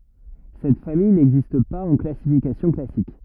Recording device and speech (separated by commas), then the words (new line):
rigid in-ear microphone, read sentence
Cette famille n'existe pas en classification classique.